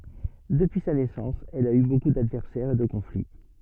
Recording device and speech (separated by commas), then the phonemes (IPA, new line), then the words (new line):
soft in-ear microphone, read sentence
dəpyi sa nɛsɑ̃s ɛl a y boku dadvɛʁsɛʁz e də kɔ̃fli
Depuis sa naissance, elle a eu beaucoup d'adversaires et de conflits.